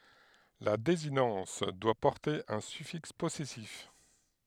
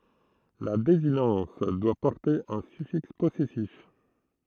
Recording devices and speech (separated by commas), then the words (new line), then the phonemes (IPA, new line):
headset microphone, throat microphone, read sentence
La désinence doit porter un suffixe possessif.
la dezinɑ̃s dwa pɔʁte œ̃ syfiks pɔsɛsif